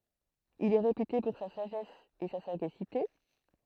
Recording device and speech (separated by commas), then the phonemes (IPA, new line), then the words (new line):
throat microphone, read sentence
il ɛ ʁepyte puʁ sa saʒɛs e sa saɡasite
Il est réputé pour sa sagesse et sa sagacité.